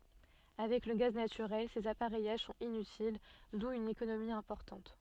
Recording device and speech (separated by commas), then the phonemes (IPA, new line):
soft in-ear microphone, read sentence
avɛk lə ɡaz natyʁɛl sez apaʁɛjaʒ sɔ̃t inytil du yn ekonomi ɛ̃pɔʁtɑ̃t